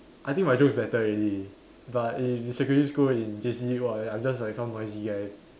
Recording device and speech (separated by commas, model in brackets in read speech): standing microphone, conversation in separate rooms